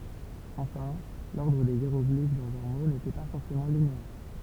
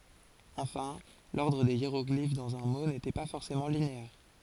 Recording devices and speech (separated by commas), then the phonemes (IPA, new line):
temple vibration pickup, forehead accelerometer, read sentence
ɑ̃fɛ̃ lɔʁdʁ de jeʁɔɡlif dɑ̃z œ̃ mo netɛ pa fɔʁsemɑ̃ lineɛʁ